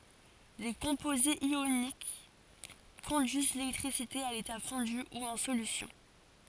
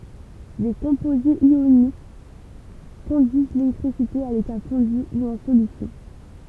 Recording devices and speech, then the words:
forehead accelerometer, temple vibration pickup, read sentence
Les composés ioniques conduisent l'électricité à l'état fondu ou en solution.

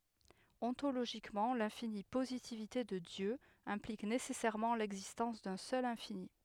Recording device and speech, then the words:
headset microphone, read sentence
Ontologiquement, l'infinie positivité de Dieu implique nécessairement l'existence d'un seul infini.

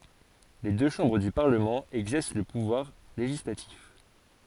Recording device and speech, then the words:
forehead accelerometer, read sentence
Les deux chambres du Parlement exercent le pouvoir législatif.

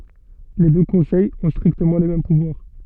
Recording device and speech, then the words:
soft in-ear microphone, read sentence
Les deux conseils ont strictement les mêmes pouvoirs.

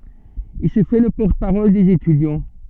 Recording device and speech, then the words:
soft in-ear microphone, read sentence
Il se fait le porte-parole des étudiants.

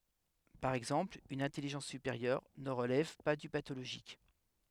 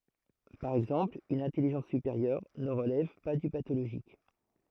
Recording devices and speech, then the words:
headset microphone, throat microphone, read sentence
Par exemple une intelligence supérieure ne relève pas du pathologique.

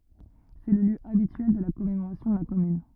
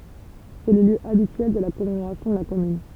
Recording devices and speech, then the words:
rigid in-ear microphone, temple vibration pickup, read sentence
C'est le lieu habituel de la commémoration de la Commune.

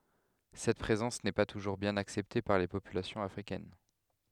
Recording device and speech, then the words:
headset microphone, read sentence
Cette présence n'est pas toujours bien acceptée par les populations africaines.

